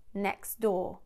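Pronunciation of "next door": In 'next door', the t sound of 'next' is left out.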